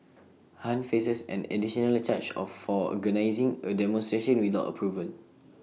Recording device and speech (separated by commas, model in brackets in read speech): mobile phone (iPhone 6), read sentence